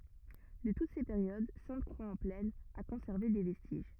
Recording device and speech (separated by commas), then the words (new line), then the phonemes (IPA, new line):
rigid in-ear microphone, read sentence
De toutes ces périodes, Sainte-Croix-en-Plaine a conservé des vestiges.
də tut se peʁjod sɛ̃tkʁwaksɑ̃plɛn a kɔ̃sɛʁve de vɛstiʒ